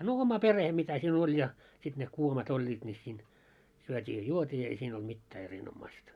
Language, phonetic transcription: Finnish, no 'oma 'pereh 'mitä siin ‿oĺ ja , sit ne 'kuomat 'oĺĺiit ńi siin , 'syöt́ii ja "juot́ii ei siin ‿olt 'mittää 'erinommaⁱsta .
- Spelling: no oma perhe mitä siinä oli ja sitten ne kuomat olivat niin siinä syötiin ja juotiin ei siinä ollut mitään erinomaista

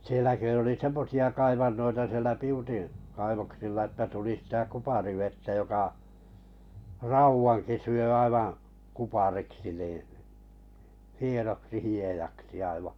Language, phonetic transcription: Finnish, 'sielä kö oli "semmosi₍a 'kaivannoita sielä 'Piutin , kaivoksilla että tuli sⁱtä 'kuparivettä joka , "rauwaŋki syö 'aivaa̰ , 'kupariksi nìḭ , 'hienoksi 'hiejaksi aivaᵃ .
- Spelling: siellä kun oli semmoisia kaivantoja siellä Piutin kaivoksilla että tuli sitä kuparivettä joka raudankin syö aivan kupariksi niin hienoksi hiedaksi aivan

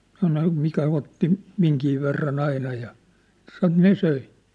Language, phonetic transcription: Finnish, sano , mikä otti , 'miŋki verran ‿aina ja , san̆ 'ne 'söi .
- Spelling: sanoi mikä otti minkin verran aina ja sanoi ne söi

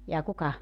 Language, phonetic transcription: Finnish, jaa "kuka ?
- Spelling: jaa kuka

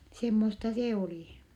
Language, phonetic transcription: Finnish, semmosta see olì .
- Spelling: semmoista se oli

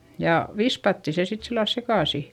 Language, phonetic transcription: Finnish, ja vispatti se sit sillal sekàsi .
- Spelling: ja vispattiin se sitten sillä lailla sekaisin

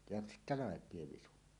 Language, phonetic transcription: Finnish, ja sittä "làep̀ie 'visu .
- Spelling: ja sitten laipio visu

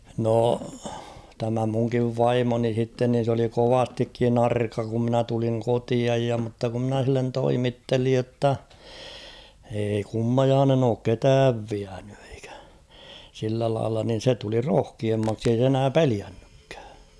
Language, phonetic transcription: Finnish, nò , tämä muŋkiv "vaimoni h̬itten nin̬ s ‿oli "kovastikkin ‿''arka ku ‿mnä tuliŋ 'kotiaj ja mutta ku ‿mnä h̬illen 'toimittelij jotta , eei 'kummajaanen ‿ook "ketääv viäɴʏ ᴇɪkᴀ̈ ; sillä lailla nin̬ 'se tuli "roh̭kiemmaksi ei se 'enää "peliännykkᴀ̈ᴀ̈ .
- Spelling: no tämä minunkin vaimoni sitten niin se oli kovastikin arka kun minä tulin kotiin ja mutta kun minä sille toimittelin jotta ei kummajainen ole ketään vienyt ikinä sillä lailla niin se tuli rohkeammaksi ei se enää pelännytkään

